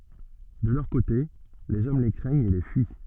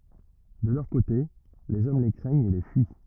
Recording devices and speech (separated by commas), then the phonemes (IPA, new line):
soft in-ear microphone, rigid in-ear microphone, read sentence
də lœʁ kote lez ɔm le kʁɛɲt e le fyi